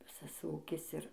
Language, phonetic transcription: Lithuanian, ˈvisas ˈūkis ˈir

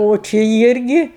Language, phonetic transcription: Lithuanian, o ˈči ˈirgi

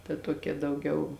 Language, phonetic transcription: Lithuanian, ta ˈtuokia dauˈgiau

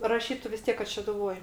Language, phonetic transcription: Lithuanian, raˈšytu vis ˈtiek kad šeduˈvoj

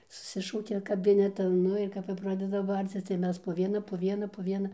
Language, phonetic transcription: Lithuanian, suˈsišaukia kaˈbinetan ˈnu ir ˈkap jau ˈpradeda ˈbarcis tai ˈmes po ˈviena po ˈviena po ˈviena

